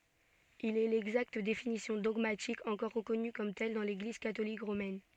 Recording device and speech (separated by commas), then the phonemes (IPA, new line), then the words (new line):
soft in-ear microphone, read sentence
il ɛ lɛɡzakt definisjɔ̃ dɔɡmatik ɑ̃kɔʁ ʁəkɔny kɔm tɛl dɑ̃ leɡliz katolik ʁomɛn
Il est l’exacte définition dogmatique encore reconnue comme telle dans l’Église catholique romaine.